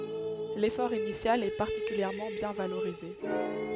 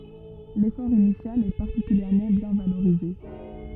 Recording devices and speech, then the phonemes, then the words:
headset microphone, rigid in-ear microphone, read sentence
lefɔʁ inisjal ɛ paʁtikyljɛʁmɑ̃ bjɛ̃ valoʁize
L'effort initial est particulièrement bien valorisé.

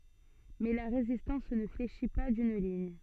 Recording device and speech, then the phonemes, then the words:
soft in-ear microphone, read sentence
mɛ la ʁezistɑ̃s nə fleʃi pa dyn liɲ
Mais la résistance ne fléchit pas d'une ligne.

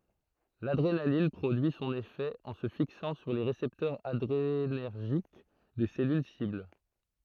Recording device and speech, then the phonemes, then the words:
throat microphone, read sentence
ladʁenalin pʁodyi sɔ̃n efɛ ɑ̃ sə fiksɑ̃ syʁ le ʁesɛptœʁz adʁenɛʁʒik de sɛlyl sibl
L’adrénaline produit son effet en se fixant sur les récepteurs adrénergiques des cellules cibles.

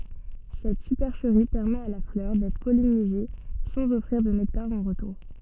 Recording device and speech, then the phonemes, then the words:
soft in-ear microphone, read sentence
sɛt sypɛʁʃəʁi pɛʁmɛt a la flœʁ dɛtʁ pɔlinize sɑ̃z ɔfʁiʁ də nɛktaʁ ɑ̃ ʁətuʁ
Cette supercherie permet à la fleur d'être pollinisée sans offrir de nectar en retour.

